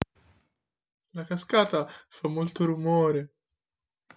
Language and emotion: Italian, fearful